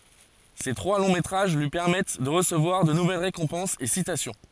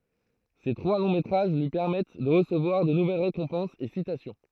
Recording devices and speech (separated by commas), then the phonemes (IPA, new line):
forehead accelerometer, throat microphone, read sentence
se tʁwa lɔ̃ metʁaʒ lyi pɛʁmɛt də ʁəsəvwaʁ də nuvɛl ʁekɔ̃pɑ̃sz e sitasjɔ̃